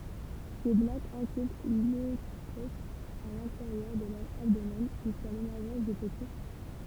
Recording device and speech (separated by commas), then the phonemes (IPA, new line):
temple vibration pickup, read sentence
se blatz ɛ̃kyb lɔotɛk a lɛ̃teʁjœʁ də lœʁ abdomɛn ʒyska lemɛʁʒɑ̃s de pəti